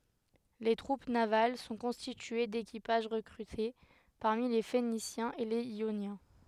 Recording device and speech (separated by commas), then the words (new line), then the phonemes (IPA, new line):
headset microphone, read sentence
Les troupes navales sont constituées d'équipages recrutés parmi les Phéniciens et les Ioniens.
le tʁup naval sɔ̃ kɔ̃stitye dekipaʒ ʁəkʁyte paʁmi le fenisjɛ̃z e lez jonjɛ̃